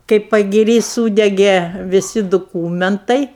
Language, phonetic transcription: Lithuanian, kai pagiˈry ˈsūdegė viˈsi duˈkūmentai

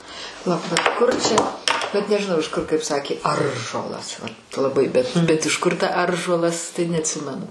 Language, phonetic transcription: Lithuanian, paˈlauk bet ˈkur čia bet nežiˈnau iš ˈkur kaip ˈsakė ˈaržuolas vat laˈbai bet bet iš ˈkur ta ˈaržuolas tai neatˈsimenu

